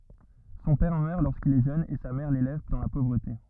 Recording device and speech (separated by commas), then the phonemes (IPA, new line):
rigid in-ear microphone, read sentence
sɔ̃ pɛʁ mœʁ loʁskil ɛ ʒøn e sa mɛʁ lelɛv dɑ̃ la povʁəte